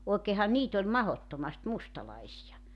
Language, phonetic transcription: Finnish, òekeehan 'niit ‿oĺ "mahottomast 'mustalaisija .
- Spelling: oikeinhan niitä oli mahdottomasti mustalaisia

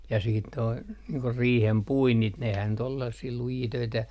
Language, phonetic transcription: Finnish, ja siit toi , niiŋ ko "riihem 'puinnit nehän nyt ‿ol sellassii 'lujii 'töitä .
- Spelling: ja sitten tuo niin kuin riihen puinnit nehän nyt oli sellaisia lujia töitä

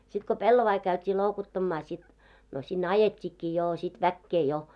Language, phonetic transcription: Finnish, sit ko 'pellovai käyt́ii 'lòukottammaa sit , no sin'n ‿ajet́t́ikkii joo sit 'väkkee jo .
- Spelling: sitten kun pellavia käytiin loukuttamaan sitten no sinne ajettiinkin jo sitten väkeä jo

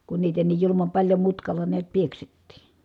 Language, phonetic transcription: Finnish, kun niitä niij julumam paĺjo mutkalla niät pieksettì .
- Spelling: kun niitä niin julman paljon mutkalla näet pieksettiin

